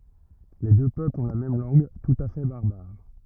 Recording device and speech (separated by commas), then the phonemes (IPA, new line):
rigid in-ear microphone, read sentence
le dø pøplz ɔ̃ la mɛm lɑ̃ɡ tut a fɛ baʁbaʁ